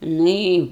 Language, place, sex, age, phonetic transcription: Lithuanian, Aukštaitija, female, 60+, ˈnu i

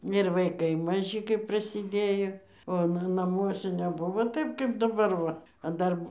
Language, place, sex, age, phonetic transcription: Lithuanian, Dzūkija, female, 60+, ir vaiˈkai maˈži kaip prasiˈdėjo o ˈna naˈmuose neˈbuvo ˈtaip kaip daˈbar ˈva a ˈdar

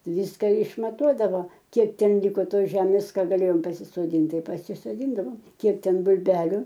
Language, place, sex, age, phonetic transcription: Lithuanian, Aukštaitija, female, 60+, ˈvyska išmaˈtuodavo ˈkiek ˈten ˈliko ˈtos ˈžemės ˈką gaˈlėjom pasisoˈdynt ˈtai pasisoˈdyndavom ˈkiek ˈten bul'ˈbeliu

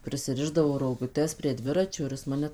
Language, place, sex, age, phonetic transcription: Lithuanian, Suvalkija, female, 18-60, prisiˈrišdavo roguˈtes prie ˈdviračio ir ˈjis ˈmane

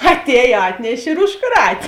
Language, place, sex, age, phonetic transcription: Lithuanian, Žemaitija, female, 18-60, atˈēj ˈatneš' ir užˈkrat'

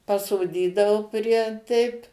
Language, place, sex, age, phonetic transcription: Lithuanian, Suvalkija, female, 60+, pasoˈdydao prie ˈteip

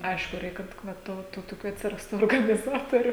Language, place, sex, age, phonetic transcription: Lithuanian, Žemaitija, female, 18-60, ˈaišku ˈreik kad ˈva ˈto tų toˈkių atsiˈrastų organiˈzatoriu

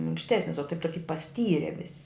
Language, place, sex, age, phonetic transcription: Lithuanian, Žemaitija, female, 60+, minkšˈtesnis o taip ˈtoki paˈstyre ˈvisi

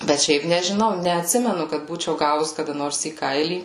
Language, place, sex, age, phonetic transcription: Lithuanian, Suvalkija, female, 18-60, bet ˈšiaip nežiˈnau neatˈsimenu kad ˈbūčiau ˈgavus kaˈda ˈnors į ˈkailį

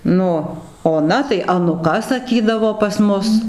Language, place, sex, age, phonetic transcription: Lithuanian, Dzūkija, female, 60+, ˈnu oˈna tai anuˈka saˈkydavo pas ˈmus

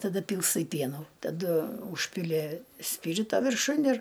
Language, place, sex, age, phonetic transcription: Lithuanian, Aukštaitija, female, 60+, taˈda ˈpylstai ˈpienų taˈdu ˈūžpili ˈspyrito virˈšun ir

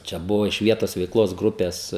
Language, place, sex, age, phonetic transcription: Lithuanian, Žemaitija, male, 18-60, čia ˈbuva iš ˈvietos veikˈlos ˈgrupes

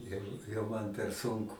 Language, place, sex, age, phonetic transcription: Lithuanian, Aukštaitija, male, 60+, ˈjau jau ˈman per ˈsunku

